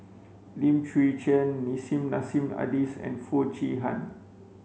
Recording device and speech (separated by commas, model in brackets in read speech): mobile phone (Samsung C5), read sentence